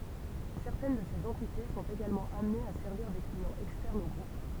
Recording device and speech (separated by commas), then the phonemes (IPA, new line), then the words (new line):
temple vibration pickup, read sentence
sɛʁtɛn də sez ɑ̃tite sɔ̃t eɡalmɑ̃ amnez a sɛʁviʁ de kliɑ̃z ɛkstɛʁnz o ɡʁup
Certaines de ces entités sont également amenées à servir des clients externes au groupe.